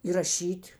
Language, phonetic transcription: Lithuanian, įraˈšyt'

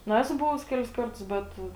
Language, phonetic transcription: Lithuanian, nu ˈesu ˈbuvus ˈkelis ˈkartus ˈbet

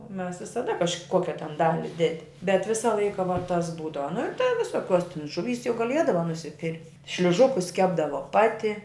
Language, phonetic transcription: Lithuanian, o mes visaˈda kažˈkokia ten ˈdali ˈdedi bet ˈvisa ˈlaika vuo tas ˈbūdava nu ir ta visoˈkiuos tin žuˈvys jau gaˈliedava nusiˈpir' šliuˈžukus ˈkepdavo ˈpati

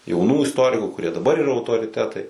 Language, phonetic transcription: Lithuanian, jauˈnų isˈtoriku kurie daˈbar yˈra autoriˈtetai

